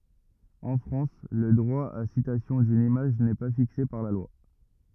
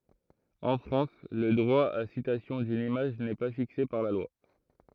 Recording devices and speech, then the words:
rigid in-ear microphone, throat microphone, read sentence
En France, le droit à citation d'une image n'est pas fixé par la loi.

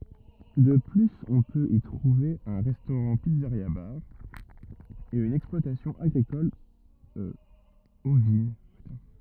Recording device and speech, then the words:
rigid in-ear microphone, read sentence
De plus, on peut y trouver un restaurant-pizzeria-bar, et une exploitation agricole ovine.

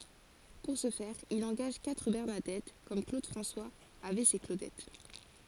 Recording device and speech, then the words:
forehead accelerometer, read sentence
Pour ce faire, il engage quatre Bernadettes, comme Claude François avait ses Claudettes.

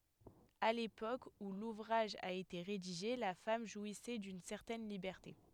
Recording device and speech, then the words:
headset microphone, read sentence
À l'époque où l'ouvrage a été rédigé, la femme jouissait d'une certaine liberté.

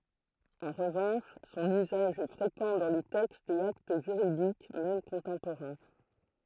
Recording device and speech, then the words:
throat microphone, read sentence
En revanche son usage est fréquent dans les textes et actes juridiques même contemporains.

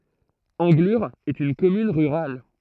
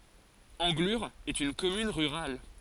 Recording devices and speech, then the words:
throat microphone, forehead accelerometer, read sentence
Anglure est une commune rurale.

